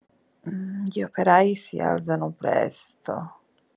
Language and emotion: Italian, disgusted